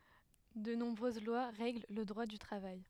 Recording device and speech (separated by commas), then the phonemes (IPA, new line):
headset microphone, read sentence
də nɔ̃bʁøz lwa ʁɛɡl lə dʁwa dy tʁavaj